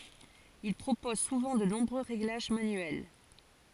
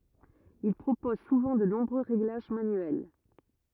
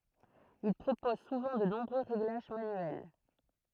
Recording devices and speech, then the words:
forehead accelerometer, rigid in-ear microphone, throat microphone, read sentence
Ils proposent souvent de nombreux réglages manuels.

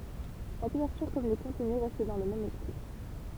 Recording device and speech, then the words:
temple vibration pickup, read sentence
La couverture comme le contenu restent dans le même esprit.

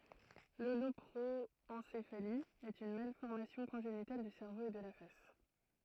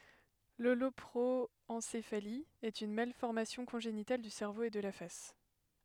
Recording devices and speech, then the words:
throat microphone, headset microphone, read sentence
L'holoproencéphalie est une malformation congénitale du cerveau et de la face.

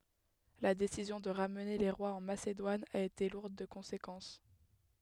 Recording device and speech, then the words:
headset microphone, read sentence
La décision de ramener les rois en Macédoine a été lourde de conséquences.

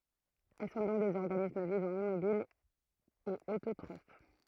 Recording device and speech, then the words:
throat microphone, read sentence
Elles sont donc des organismes vivant immobile et autotrophes.

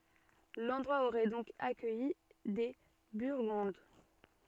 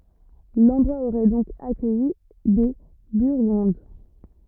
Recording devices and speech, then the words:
soft in-ear microphone, rigid in-ear microphone, read sentence
L'endroit aurait donc accueilli des Burgondes.

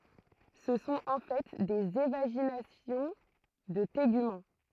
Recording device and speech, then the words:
throat microphone, read sentence
Ce sont en fait des évaginations de tégument.

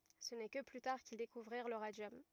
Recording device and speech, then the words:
rigid in-ear microphone, read sentence
Ce n'est que plus tard qu'ils découvrirent le radium.

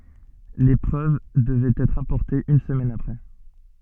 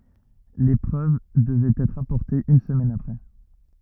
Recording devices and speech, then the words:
soft in-ear microphone, rigid in-ear microphone, read sentence
Les preuves devaient être apportées une semaine après.

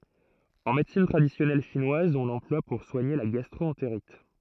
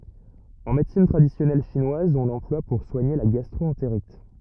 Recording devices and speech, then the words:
throat microphone, rigid in-ear microphone, read sentence
En médecine traditionnelle chinoise, on l'emploie pour soigner la gastro-entérite.

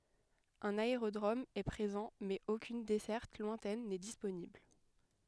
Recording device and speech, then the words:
headset microphone, read sentence
Un aérodrome est présent mais aucune desserte lointaine n'est disponible.

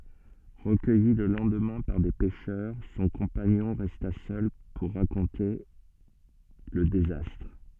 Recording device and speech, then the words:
soft in-ear microphone, read sentence
Recueilli le lendemain par des pêcheurs, son compagnon resta seul pour raconter le désastre.

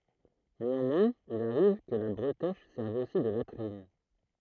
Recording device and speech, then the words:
throat microphone, read sentence
Néanmoins, il arrive que la bretèche serve aussi de latrines.

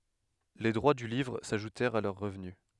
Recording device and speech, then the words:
headset microphone, read sentence
Les droits du livre s'ajoutèrent à leurs revenus.

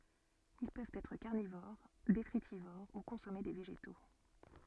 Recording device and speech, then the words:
soft in-ear microphone, read sentence
Ils peuvent être carnivores, détritivores ou consommer des végétaux.

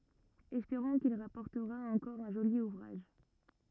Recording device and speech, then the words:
rigid in-ear microphone, read sentence
Espérons qu'il rapportera encore un joli ouvrage.

